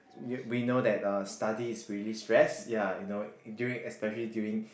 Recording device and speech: boundary microphone, conversation in the same room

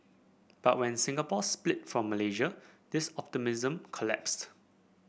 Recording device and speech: boundary microphone (BM630), read sentence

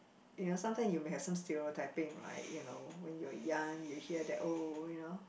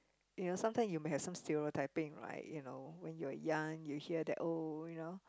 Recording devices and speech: boundary microphone, close-talking microphone, conversation in the same room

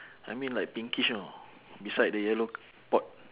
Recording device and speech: telephone, conversation in separate rooms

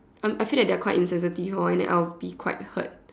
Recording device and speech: standing microphone, conversation in separate rooms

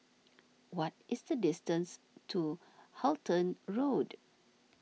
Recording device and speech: mobile phone (iPhone 6), read sentence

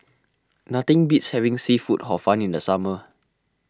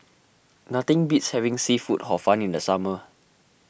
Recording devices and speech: close-talking microphone (WH20), boundary microphone (BM630), read sentence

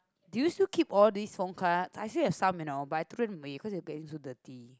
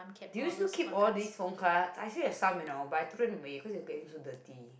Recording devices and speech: close-talking microphone, boundary microphone, conversation in the same room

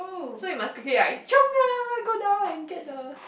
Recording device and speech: boundary microphone, conversation in the same room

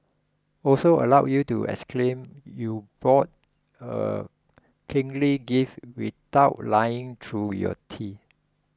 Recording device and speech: close-talking microphone (WH20), read sentence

